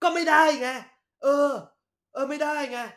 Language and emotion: Thai, angry